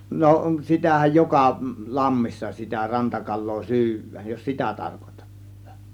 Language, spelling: Finnish, no sitähän joka lammissa sitä rantakalaa syödään jos sitä tarkoitatte
- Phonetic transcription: no , 'sitähäj 'joka , 'lammissa , sitä 'rantakal̆loo "sy̬yv̆vääj jos "sitä 'tarkotAttA .

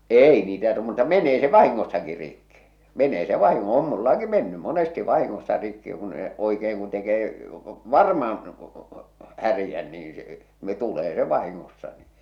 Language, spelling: Finnish, ei niitä - mutta menee se vahingossakin rikki menee se - on minullakin mennyt monesti vahingossa rikki kun - oikein kun tekee varmaan härän niin se tulee se vahingossa niin
- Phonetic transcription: 'èi niitä t- mutta 'men̆nee se "vahiŋŋossaki rikki , "men̆nee se "vahiŋŋo- , 'om "mullaki mennym̆ "monesti "vahiŋŋossa rikki kun e- , oikeeŋ kun tekee , "varmaan , 'härⁱjän niin̬ ˢᵉ , tulee se 'vahiŋŋossa ni .

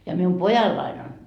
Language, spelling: Finnish, ja minun pojallani on
- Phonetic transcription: ja mium "pojallain ‿on ,.

